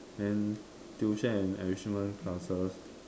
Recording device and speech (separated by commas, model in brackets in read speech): standing microphone, conversation in separate rooms